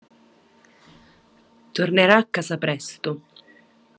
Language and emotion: Italian, neutral